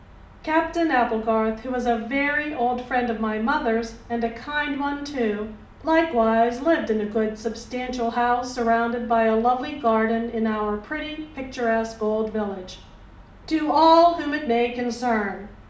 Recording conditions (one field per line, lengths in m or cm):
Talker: one person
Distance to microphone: 2.0 m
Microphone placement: close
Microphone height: 99 cm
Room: medium-sized (5.7 m by 4.0 m)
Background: none